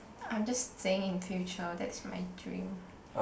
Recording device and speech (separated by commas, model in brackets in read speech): boundary microphone, conversation in the same room